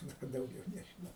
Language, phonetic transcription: Lithuanian, ˈnu ka dauˈgiau nežiˈnau

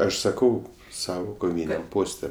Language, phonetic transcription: Lithuanian, ˈaš saˈkau ˈsavo koˈvyniam ˈposte

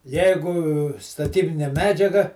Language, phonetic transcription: Lithuanian, ˈjeigu staˈtybinė ˈmedžiaga

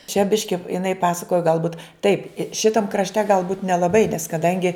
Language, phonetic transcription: Lithuanian, čia ˈbiški iˈnai ˈpasakoja galˈbūt taip i ˈšitam krašˈte galˈbūt nelabai nes kadangi

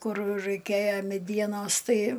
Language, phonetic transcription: Lithuanian, ˈkur raiˈkėjo meˈdienos ˈtai

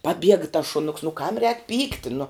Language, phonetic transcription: Lithuanian, paˈbiega tas šuˈnuks nu kam rēk ˈpykti nu

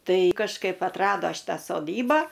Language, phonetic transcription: Lithuanian, ˈtai kažˈkaip atˈrado ˈšitą soˈdybą

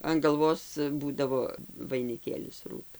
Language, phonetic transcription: Lithuanian, an galˈvos ˈbūdavo vainiˈkėlis ˈrūtu

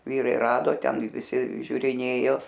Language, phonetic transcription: Lithuanian, ˈvyrai ˈrado ˈten i viˈsi žiuriˈnėjo

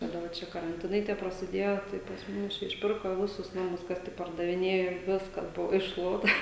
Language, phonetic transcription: Lithuanian, kaˈda va ˈčia karanˈtinai tie prasiˈdėjo tai pas ˈmus ˈčia išˈpirko ˈvisus ˈnamus ˈkas tik pardaviˈnėjo ˈviskas ˈbuvo išˈšluota

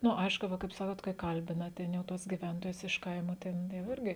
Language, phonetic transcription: Lithuanian, ˈnu ˈaišku ˈva kaip ˈsakot kai ˈkalbina ˈten jau ˈtuos giˈventojus iš ˈkaimo ˈten jau ˈirgi

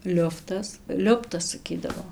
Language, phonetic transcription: Lithuanian, ˈliuftas ˈliuptas saˈkydavo

